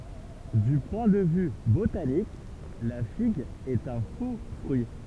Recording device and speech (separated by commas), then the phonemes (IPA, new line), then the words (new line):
temple vibration pickup, read sentence
dy pwɛ̃ də vy botanik la fiɡ ɛt œ̃ fo fʁyi
Du point de vue botanique, la figue est un faux-fruit.